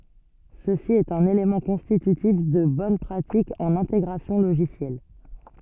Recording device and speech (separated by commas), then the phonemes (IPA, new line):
soft in-ear microphone, read sentence
səsi ɛt œ̃n elemɑ̃ kɔ̃stitytif də bɔn pʁatik ɑ̃n ɛ̃teɡʁasjɔ̃ loʒisjɛl